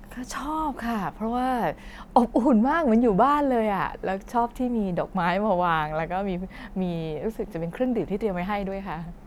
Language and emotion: Thai, happy